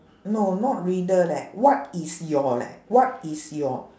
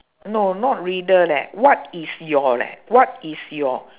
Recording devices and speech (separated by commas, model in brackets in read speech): standing microphone, telephone, conversation in separate rooms